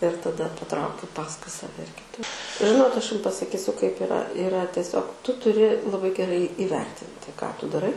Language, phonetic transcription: Lithuanian, ir taˈda paˈtraukiu ˈpaskui saˈve ir kiˈtu ˈžinot ˈaš ˈjum pasaˈkysiu kaip iˈra iˈra teˈsiog ˈtu tuˈri laˈbai geˈrai įˈvertinti ką ˈtu daˈrai

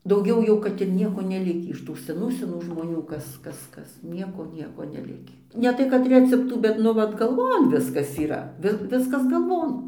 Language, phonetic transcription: Lithuanian, dauˈgiau jau ˈkad ir ˈnieko neˈlikį iš ˈtų seˈnų seˈnų žmoˈnių ˈkas ˈkas ˈkas ˈnieko ˈnieko neˈlikį neˈtai kad ˈreceptų bet ˈnu ˈvat galˈvon ˈviskas yˈra ˈvi ˈviskas galˈvon

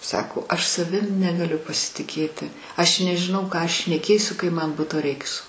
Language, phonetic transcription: Lithuanian, ˈsako aš saˈvim negaˈliu pasitiˈkėti ˈaš nežiˈnau ˈką ˈaš šneˈkėsiu kai ˈman ˈbuto ˈreiks

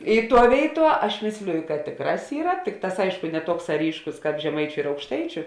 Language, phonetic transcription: Lithuanian, i ˈtuo ˈvėiˌtuo ˈaš ˈmėsliju kad ˈtėkˌrās ˈyra ˈtikˌtās ˈaišku ne ˈtuoksā ˈryškus ˈkāp žeˈmaičiu ir aukšˈtaičiu

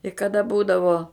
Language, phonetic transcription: Lithuanian, i kaˈda ˈbūdavo

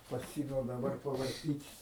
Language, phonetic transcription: Lithuanian, paˈsimiau daˈbar pavarˈtyt'

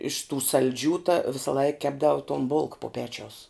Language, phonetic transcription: Lithuanian, iš tų salˈdžių ta visaˈlaik ˈkepdau ton bulk pu ˈpečiaus

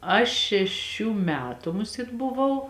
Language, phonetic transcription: Lithuanian, ˈaš šeˈšių ˈmetu ˈmuˌsėt buˈvau

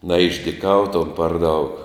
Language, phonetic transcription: Lithuanian, naišdiˈkautom par daug

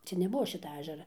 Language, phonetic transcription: Lithuanian, ˈčia neˈbuo ˈšita ˈažera

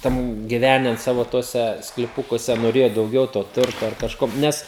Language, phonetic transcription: Lithuanian, ˈten giˈvenen ˈsavo ˈtuose skliˈpukuose noˈrėjo dauˈgiau to ˈturto ar kažˈko ˈnes

